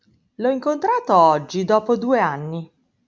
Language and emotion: Italian, happy